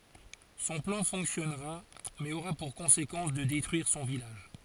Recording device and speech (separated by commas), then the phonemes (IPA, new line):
forehead accelerometer, read sentence
sɔ̃ plɑ̃ fɔ̃ksjɔnʁa mɛz oʁa puʁ kɔ̃sekɑ̃s də detʁyiʁ sɔ̃ vilaʒ